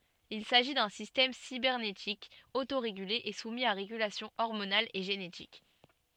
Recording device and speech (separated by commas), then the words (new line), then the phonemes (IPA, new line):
soft in-ear microphone, read sentence
Il s'agit d'un système cybernétique autorégulé et soumis à régulation hormonale et génétique.
il saʒi dœ̃ sistɛm sibɛʁnetik otoʁeɡyle e sumi a ʁeɡylasjɔ̃ ɔʁmonal e ʒenetik